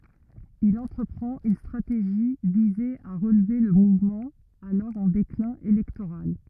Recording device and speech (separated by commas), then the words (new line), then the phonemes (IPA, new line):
rigid in-ear microphone, read sentence
Il entreprend une stratégie viser à relever le mouvement, alors en déclin électoral.
il ɑ̃tʁəpʁɑ̃t yn stʁateʒi vize a ʁəlve lə muvmɑ̃ alɔʁ ɑ̃ deklɛ̃ elɛktoʁal